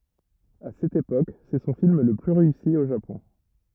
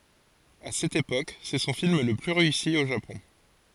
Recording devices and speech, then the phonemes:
rigid in-ear microphone, forehead accelerometer, read sentence
a sɛt epok sɛ sɔ̃ film lə ply ʁeysi o ʒapɔ̃

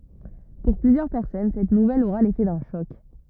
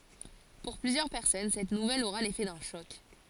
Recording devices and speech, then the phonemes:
rigid in-ear microphone, forehead accelerometer, read sentence
puʁ plyzjœʁ pɛʁsɔn sɛt nuvɛl oʁa lefɛ dœ̃ ʃɔk

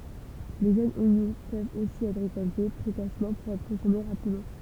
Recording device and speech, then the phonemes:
temple vibration pickup, read sentence
le ʒønz oɲɔ̃ pøvt osi ɛtʁ ʁekɔlte pʁekosmɑ̃ puʁ ɛtʁ kɔ̃sɔme ʁapidmɑ̃

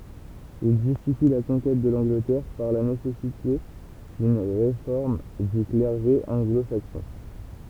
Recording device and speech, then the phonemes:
temple vibration pickup, read sentence
il ʒystifi la kɔ̃kɛt də lɑ̃ɡlətɛʁ paʁ la nesɛsite dyn ʁefɔʁm dy klɛʁʒe ɑ̃ɡlo saksɔ̃

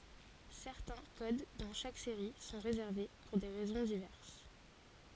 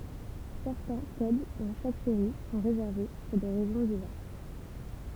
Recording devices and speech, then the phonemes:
forehead accelerometer, temple vibration pickup, read sentence
sɛʁtɛ̃ kod dɑ̃ ʃak seʁi sɔ̃ ʁezɛʁve puʁ de ʁɛzɔ̃ divɛʁs

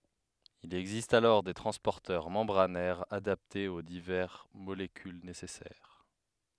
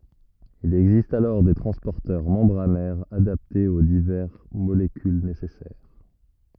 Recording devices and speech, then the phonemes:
headset microphone, rigid in-ear microphone, read sentence
il ɛɡzist alɔʁ de tʁɑ̃spɔʁtœʁ mɑ̃bʁanɛʁz adaptez o divɛʁ molekyl nesɛsɛʁ

